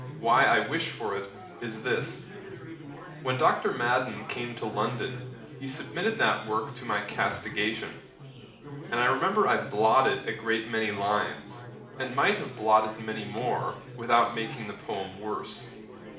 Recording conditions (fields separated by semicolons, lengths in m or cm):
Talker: one person; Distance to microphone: 2.0 m; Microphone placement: close; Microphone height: 99 cm; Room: medium-sized (5.7 m by 4.0 m); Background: babble